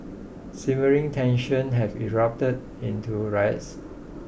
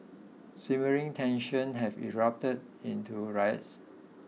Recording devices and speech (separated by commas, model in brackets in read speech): boundary microphone (BM630), mobile phone (iPhone 6), read sentence